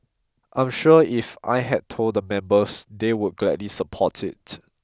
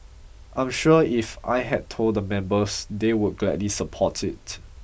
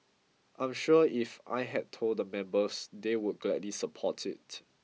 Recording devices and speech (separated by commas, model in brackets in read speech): close-talking microphone (WH20), boundary microphone (BM630), mobile phone (iPhone 6), read sentence